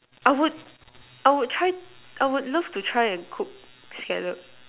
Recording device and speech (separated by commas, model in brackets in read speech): telephone, conversation in separate rooms